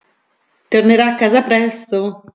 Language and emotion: Italian, happy